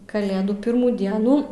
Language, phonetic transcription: Lithuanian, kaˈlėdų ˈpirmų ˈdienų

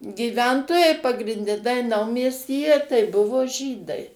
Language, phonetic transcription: Lithuanian, gyˈventojai pagrinˈde tai ˈnaumiestyje tai ˈbuvo ˈžydai

